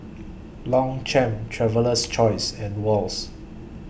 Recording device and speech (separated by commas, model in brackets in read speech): boundary microphone (BM630), read sentence